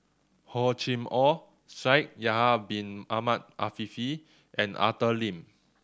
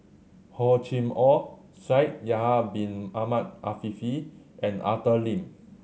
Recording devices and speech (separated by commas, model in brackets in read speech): standing microphone (AKG C214), mobile phone (Samsung C7100), read sentence